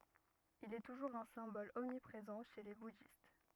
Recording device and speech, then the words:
rigid in-ear microphone, read sentence
Il est toujours un symbole omniprésent chez les bouddhistes.

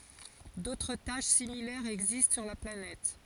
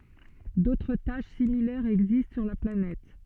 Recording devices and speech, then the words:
forehead accelerometer, soft in-ear microphone, read sentence
D'autres taches similaires existent sur la planète.

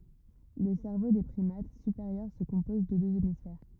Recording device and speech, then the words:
rigid in-ear microphone, read sentence
Le cerveau des primates supérieurs se compose de deux hémisphères.

